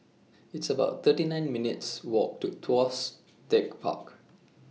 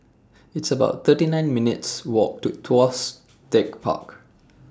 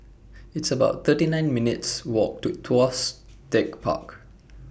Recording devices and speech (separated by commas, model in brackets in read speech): mobile phone (iPhone 6), standing microphone (AKG C214), boundary microphone (BM630), read sentence